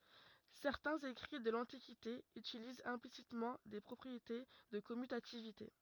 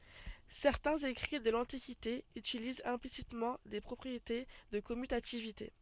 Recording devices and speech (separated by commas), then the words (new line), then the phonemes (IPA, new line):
rigid in-ear microphone, soft in-ear microphone, read sentence
Certains écrits de l'Antiquité utilisent implicitement des propriétés de commutativité.
sɛʁtɛ̃z ekʁi də lɑ̃tikite ytilizt ɛ̃plisitmɑ̃ de pʁɔpʁiete də kɔmytativite